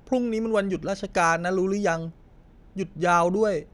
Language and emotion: Thai, neutral